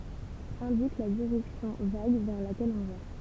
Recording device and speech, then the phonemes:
temple vibration pickup, read sentence
ɛ̃dik la diʁɛksjɔ̃ vaɡ vɛʁ lakɛl ɔ̃ va

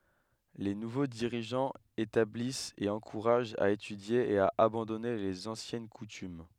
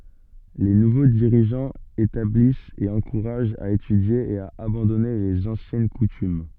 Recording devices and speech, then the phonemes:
headset microphone, soft in-ear microphone, read sentence
le nuvo diʁiʒɑ̃z etablist e ɑ̃kuʁaʒt a etydje e a abɑ̃dɔne lez ɑ̃sjɛn kutym

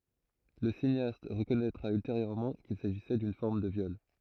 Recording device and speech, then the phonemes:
throat microphone, read sentence
lə sineast ʁəkɔnɛtʁa ylteʁjøʁmɑ̃ kil saʒisɛ dyn fɔʁm də vjɔl

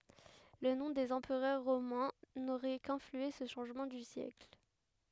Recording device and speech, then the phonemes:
headset microphone, read sentence
lə nɔ̃ dez ɑ̃pʁœʁ ʁomɛ̃ noʁɛ kɛ̃flyɑ̃se sə ʃɑ̃ʒmɑ̃ dy sjɛkl

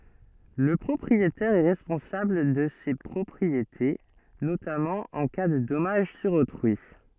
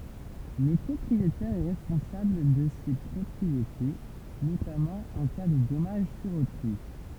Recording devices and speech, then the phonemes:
soft in-ear microphone, temple vibration pickup, read sentence
lə pʁɔpʁietɛʁ ɛ ʁɛspɔ̃sabl də se pʁɔpʁiete notamɑ̃ ɑ̃ ka də dɔmaʒ syʁ otʁyi

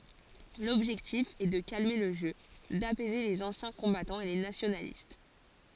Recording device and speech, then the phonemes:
forehead accelerometer, read sentence
lɔbʒɛktif ɛ də kalme lə ʒø dapɛze lez ɑ̃sjɛ̃ kɔ̃batɑ̃z e le nasjonalist

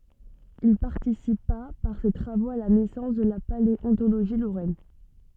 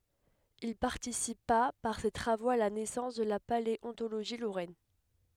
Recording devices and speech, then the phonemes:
soft in-ear microphone, headset microphone, read sentence
il paʁtisipa paʁ se tʁavoz a la nɛsɑ̃s də la paleɔ̃toloʒi loʁɛn

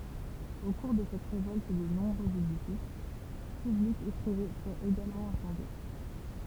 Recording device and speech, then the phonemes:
temple vibration pickup, read sentence
o kuʁ də sɛt ʁevɔlt də nɔ̃bʁøz edifis pyblikz e pʁive fyʁt eɡalmɑ̃ ɛ̃sɑ̃dje

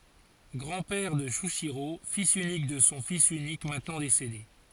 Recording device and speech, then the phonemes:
forehead accelerometer, read sentence
ɡʁɑ̃ pɛʁ də ʃyiʃiʁo filz ynik də sɔ̃ fis ynik mɛ̃tnɑ̃ desede

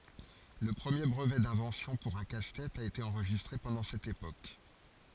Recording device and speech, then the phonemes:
forehead accelerometer, read sentence
lə pʁəmje bʁəvɛ dɛ̃vɑ̃sjɔ̃ puʁ œ̃ kastɛt a ete ɑ̃ʁʒistʁe pɑ̃dɑ̃ sɛt epok

